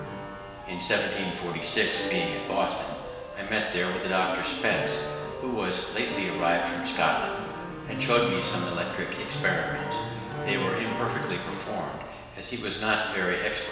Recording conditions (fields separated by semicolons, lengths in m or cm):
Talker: one person; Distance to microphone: 1.7 m; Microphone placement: close; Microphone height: 1.0 m; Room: very reverberant, large; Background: music